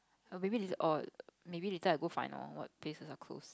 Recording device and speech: close-talking microphone, conversation in the same room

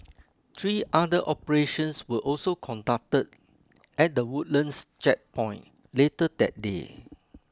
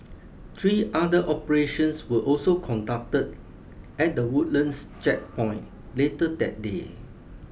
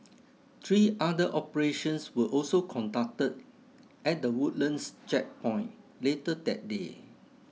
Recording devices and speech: close-talking microphone (WH20), boundary microphone (BM630), mobile phone (iPhone 6), read sentence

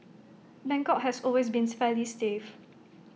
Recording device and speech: mobile phone (iPhone 6), read sentence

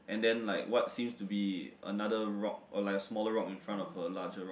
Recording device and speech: boundary microphone, conversation in the same room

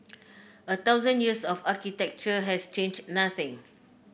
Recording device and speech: boundary microphone (BM630), read sentence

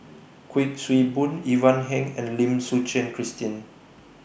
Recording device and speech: boundary microphone (BM630), read sentence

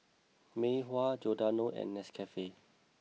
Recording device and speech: mobile phone (iPhone 6), read sentence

